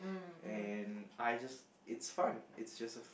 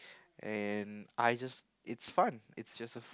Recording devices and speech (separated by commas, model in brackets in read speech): boundary microphone, close-talking microphone, conversation in the same room